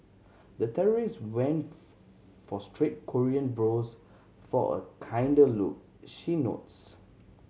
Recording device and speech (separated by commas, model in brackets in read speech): mobile phone (Samsung C7100), read sentence